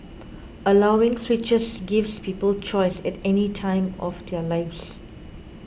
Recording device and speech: boundary microphone (BM630), read sentence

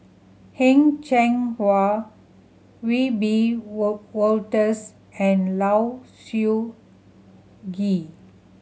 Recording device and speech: mobile phone (Samsung C7100), read sentence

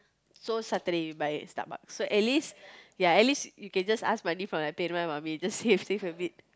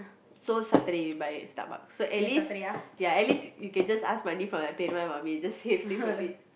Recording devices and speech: close-talking microphone, boundary microphone, conversation in the same room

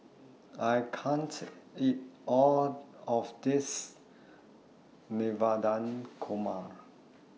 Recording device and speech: mobile phone (iPhone 6), read sentence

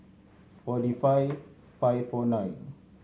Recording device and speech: mobile phone (Samsung C7100), read sentence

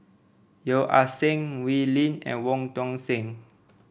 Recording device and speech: boundary microphone (BM630), read sentence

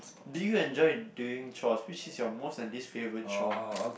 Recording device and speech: boundary microphone, conversation in the same room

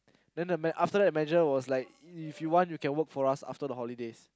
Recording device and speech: close-talking microphone, conversation in the same room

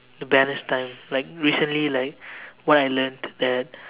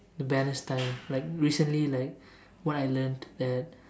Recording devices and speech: telephone, standing microphone, conversation in separate rooms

